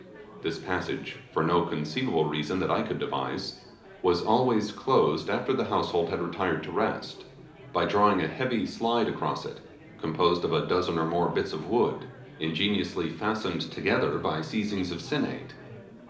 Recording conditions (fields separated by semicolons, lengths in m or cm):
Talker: one person; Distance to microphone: 2.0 m; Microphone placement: close; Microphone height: 99 cm; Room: medium-sized (5.7 m by 4.0 m); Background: babble